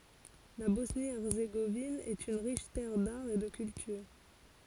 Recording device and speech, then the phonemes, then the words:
forehead accelerometer, read sentence
la bɔsnjəɛʁzeɡovin ɛt yn ʁiʃ tɛʁ daʁ e də kyltyʁ
La Bosnie-Herzégovine est une riche terre d'art et de culture.

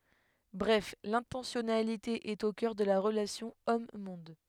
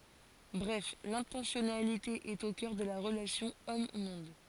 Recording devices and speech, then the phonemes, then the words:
headset microphone, forehead accelerometer, read sentence
bʁɛf lɛ̃tɑ̃sjɔnalite ɛt o kœʁ də la ʁəlasjɔ̃ ɔmmɔ̃d
Bref l'intentionnalité est au cœur de la relation homme-monde.

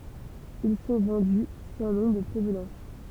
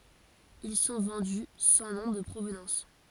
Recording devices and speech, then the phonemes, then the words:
temple vibration pickup, forehead accelerometer, read sentence
il sɔ̃ vɑ̃dy sɑ̃ nɔ̃ də pʁovnɑ̃s
Ils sont vendus sans nom de provenance.

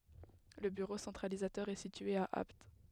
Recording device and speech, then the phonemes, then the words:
headset microphone, read sentence
lə byʁo sɑ̃tʁalizatœʁ ɛ sitye a apt
Le bureau centralisateur est situé à Apt.

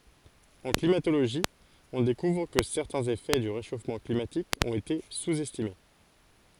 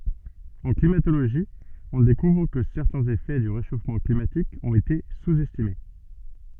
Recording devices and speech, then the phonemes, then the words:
forehead accelerometer, soft in-ear microphone, read sentence
ɑ̃ klimatoloʒi ɔ̃ dekuvʁ kə sɛʁtɛ̃z efɛ dy ʁeʃofmɑ̃ klimatik ɔ̃t ete suz ɛstime
En climatologie, on découvre que certains effets du réchauffement climatique ont été sous-estimés.

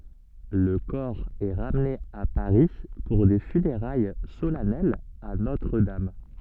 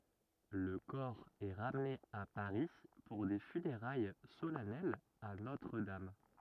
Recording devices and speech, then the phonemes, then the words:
soft in-ear microphone, rigid in-ear microphone, read sentence
lə kɔʁ ɛ ʁamne a paʁi puʁ de fyneʁaj solɛnɛlz a notʁ dam
Le corps est ramené à Paris pour des funérailles solennelles à Notre-Dame.

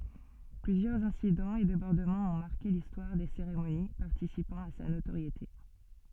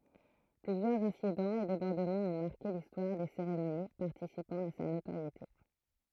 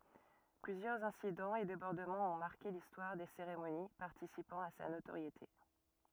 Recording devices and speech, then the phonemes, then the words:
soft in-ear microphone, throat microphone, rigid in-ear microphone, read sentence
plyzjœʁz ɛ̃sidɑ̃z e debɔʁdəmɑ̃z ɔ̃ maʁke listwaʁ de seʁemoni paʁtisipɑ̃ a sa notoʁjete
Plusieurs incidents et débordements ont marqué l'histoire des cérémonies, participant à sa notoriété.

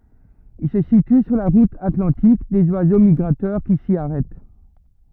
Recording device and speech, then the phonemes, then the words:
rigid in-ear microphone, read sentence
il sə sity syʁ la ʁut atlɑ̃tik dez wazo miɡʁatœʁ ki si aʁɛt
Il se situe sur la route atlantique des oiseaux migrateurs qui s'y arrêtent.

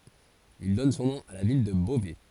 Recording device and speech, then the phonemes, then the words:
forehead accelerometer, read sentence
il dɔn sɔ̃ nɔ̃ a la vil də bovɛ
Ils donnent son nom à la ville de Beauvais.

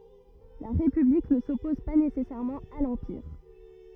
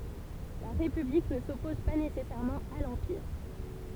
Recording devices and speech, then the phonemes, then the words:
rigid in-ear microphone, temple vibration pickup, read sentence
la ʁepyblik nə sɔpɔz pa nesɛsɛʁmɑ̃ a lɑ̃piʁ
La République ne s'oppose pas nécessairement à l'Empire.

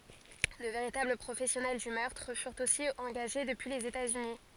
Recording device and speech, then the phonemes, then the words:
forehead accelerometer, read sentence
də veʁitabl pʁofɛsjɔnɛl dy mœʁtʁ fyʁt osi ɑ̃ɡaʒe dəpyi lez etaz yni
De véritables professionnels du meurtre furent aussi engagés depuis les États-Unis.

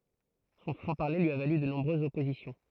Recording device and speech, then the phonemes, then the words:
throat microphone, read sentence
sɔ̃ fʁɑ̃ paʁle lyi a valy də nɔ̃bʁøzz ɔpozisjɔ̃
Son franc-parler lui a valu de nombreuses oppositions.

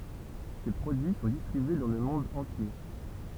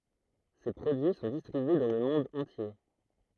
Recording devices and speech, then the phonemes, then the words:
temple vibration pickup, throat microphone, read sentence
se pʁodyi sɔ̃ distʁibye dɑ̃ lə mɔ̃d ɑ̃tje
Ses produits sont distribués dans le monde entier.

